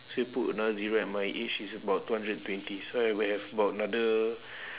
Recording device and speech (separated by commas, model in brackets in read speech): telephone, conversation in separate rooms